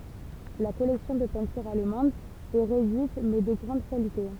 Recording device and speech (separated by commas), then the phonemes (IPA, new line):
temple vibration pickup, read sentence
la kɔlɛksjɔ̃ də pɛ̃tyʁz almɑ̃dz ɛ ʁedyit mɛ də ɡʁɑ̃d kalite